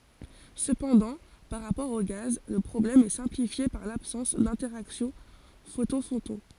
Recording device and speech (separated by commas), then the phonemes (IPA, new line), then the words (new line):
forehead accelerometer, read sentence
səpɑ̃dɑ̃ paʁ ʁapɔʁ o ɡaz lə pʁɔblɛm ɛ sɛ̃plifje paʁ labsɑ̃s dɛ̃tɛʁaksjɔ̃ fotɔ̃ fotɔ̃
Cependant, par rapport aux gaz, le problème est simplifié par l'absence d'interaction photon-photon.